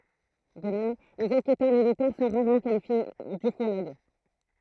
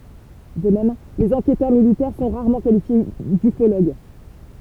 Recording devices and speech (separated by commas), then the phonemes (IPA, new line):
throat microphone, temple vibration pickup, read sentence
də mɛm lez ɑ̃kɛtœʁ militɛʁ sɔ̃ ʁaʁmɑ̃ kalifje dyfoloɡ